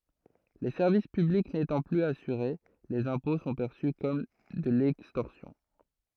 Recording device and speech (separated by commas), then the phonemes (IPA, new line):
throat microphone, read sentence
le sɛʁvis pyblik netɑ̃ plyz asyʁe lez ɛ̃pɔ̃ sɔ̃ pɛʁsy kɔm də lɛkstɔʁsjɔ̃